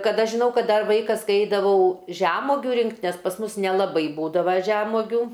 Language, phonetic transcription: Lithuanian, kad ˈaš žiˈnau ˈkad ˈdar ˈvaikas kai ˈeidavau žæmogiu ˈrinkt nes pas ˈmus nelaˈbai ˈbūdava ˈžemogių

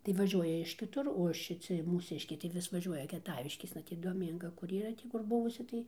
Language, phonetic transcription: Lithuanian, tai vaˈžiuoja iš kiˈtur o šiˈci mūˈsiškiai tai ˈvis vaˈžiuoja kieˈtaviškėsna ˈtį doˈmynga kur yˈra ˈtį kur ˈbuvusi ˈtai

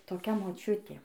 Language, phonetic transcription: Lithuanian, toˈkia moˈčiutė

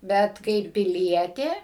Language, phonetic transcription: Lithuanian, ˈbet kaip piˈlietė

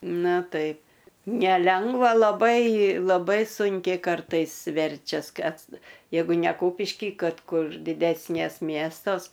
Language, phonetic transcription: Lithuanian, ˈnu ˈtaip neˈlengva laˈbai laˈbai ˈsunkiai ˈkartais ˈverčias ˈkas ˈjeigu ne ˈkūpišky ˈkad ˈkur diˈdesnės ˈmiestos

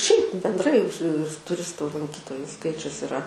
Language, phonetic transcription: Lithuanian, šiaip bendˈrai su tuˈristu lanˈkytoju ˈskaičius iˈra

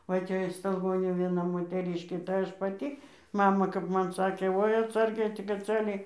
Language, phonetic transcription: Lithuanian, va ˈte iš stalˈgonių vieˈna moteˈryškė tai ˈaš paˈty ˈmama kap ˈman ˈsakė ˈvoi atˈsargiai tik atˈsargiai

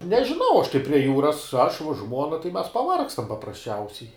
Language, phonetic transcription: Lithuanian, nežiˈnau aš tai prie ˈjūras aš vuo ˈžmuona tai mes paˈvargstam paprasˈčiausiai

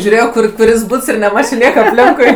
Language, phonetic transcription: Lithuanian, žiūˈrėjo ˈkur kuˈris ˈbuts ir neˈmačio ˈnieka apˈlinkui

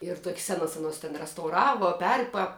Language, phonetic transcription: Lithuanian, ir tok's ˈsenas aˈnos ten restauˈravo ˈperpa

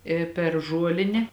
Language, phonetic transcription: Lithuanian, i per ˈžuolinė

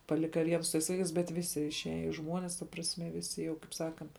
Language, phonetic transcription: Lithuanian, paˈlika ˈvien su tais ˈvaikais ˈbet ˈvisi išˈeja i ˈžmuonis ta prasˈme ˈvisi jau kaip ˈsakant

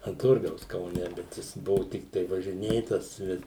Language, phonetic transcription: Lithuanian, an ˈturgaus kauˈne ˈbet jis ˈbuvu ˈtiktai važiˈnėtas ˈbet

